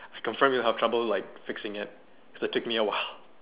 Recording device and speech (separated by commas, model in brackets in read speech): telephone, conversation in separate rooms